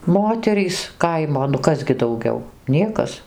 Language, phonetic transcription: Lithuanian, ˈmoterys ˈkaimo nu ˈkas gi dauˈgiau ˈniekas

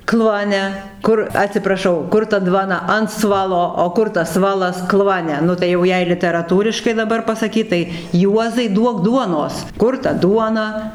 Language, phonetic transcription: Lithuanian, ˈkluone ˈkur atsipraˈšau ˈkur ta ˈdvana an ˈsvalo o ˈkur tas ˈsvalas ˈkluone ˈnu tai jau ˈjei literaˈtūriškai daˈbar pasaˈkyt tai ˈjuozai ˈduok ˈduonos ˈkur ta ˈduona

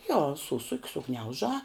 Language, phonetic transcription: Lithuanian, jo ˈsusuk' suˈgniaužā

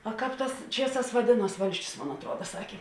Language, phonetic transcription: Lithuanian, o ˈkāp ˈtās ˈčieˌsās vaˈdėˌnuos ˈvalsčius ˈmon atˈruoda ˈsakė

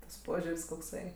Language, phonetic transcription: Lithuanian, tas ˈpožiur's' kokˈsai

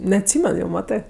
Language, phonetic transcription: Lithuanian, neatˈsymen jau ˈmatɜ

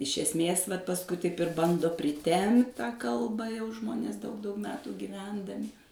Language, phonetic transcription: Lithuanian, iš esˈmės vat pasˈkui taip ir ˈbando priˈtempt tą kalba jau ˈžmonės daug daug ˈmetų giˈvendami

